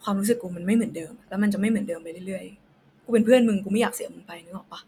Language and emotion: Thai, frustrated